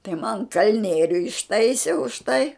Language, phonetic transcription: Lithuanian, tai man ˈkalnieriu išˈtaisė už tai

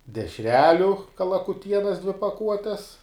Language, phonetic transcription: Lithuanian, dešˈreliu kalakuˈtienas dvi paˈkuotes

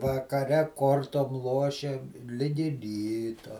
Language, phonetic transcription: Lithuanian, vakaˈre ˈkortom ˈlošėm ˈligi ˈryto

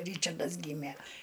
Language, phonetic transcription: Lithuanian, ˈryčardas ˈgymė

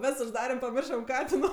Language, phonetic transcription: Lithuanian, ˈves užˈdarem paˈmiršam ˈkatino

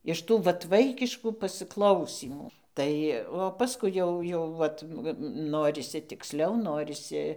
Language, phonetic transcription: Lithuanian, iš ˈtų ˈvat ˈvaikiškų pasɨˈklausymų ˈtai o paˈskui jau jau ˈvat ˈnorisi tikˈsliau ˈnorisi

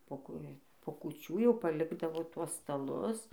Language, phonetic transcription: Lithuanian, po ˈkū po kuˈčių jau paˈlikdavo ˈtuos staˈlus

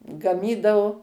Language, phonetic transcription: Lithuanian, gaˈmydavu

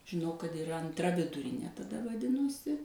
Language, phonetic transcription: Lithuanian, žiˈnau kad iˈra anˈtra viduˈrinė taˈda vaˈdinosi

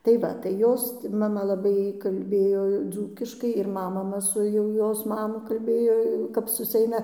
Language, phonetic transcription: Lithuanian, tai ˈva tai ˈjos maˈma laˈbai kalˈbėjo ˈdzūkiškai ir ˈma maˈma su jau ˈjos ˈmamu kalˈbėjo jau kap susiˈeina

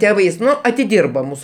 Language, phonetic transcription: Lithuanian, ˈtevais ˈnu atiˈdyrba ˈmūsu

